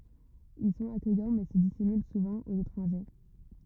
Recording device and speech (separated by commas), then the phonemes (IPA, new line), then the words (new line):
rigid in-ear microphone, read sentence
il sɔ̃t akœjɑ̃ mɛ sə disimyl suvɑ̃ oz etʁɑ̃ʒe
Ils sont accueillants mais se dissimulent souvent aux étrangers.